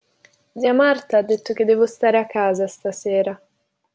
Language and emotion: Italian, sad